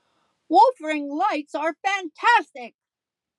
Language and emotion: English, neutral